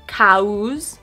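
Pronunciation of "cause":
'Cause' is pronounced incorrectly here, with an extra sound added.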